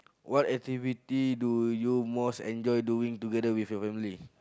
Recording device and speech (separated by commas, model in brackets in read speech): close-talking microphone, conversation in the same room